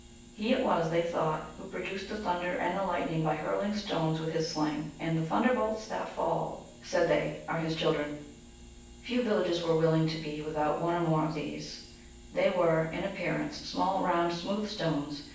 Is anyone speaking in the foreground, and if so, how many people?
One person.